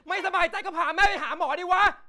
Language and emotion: Thai, angry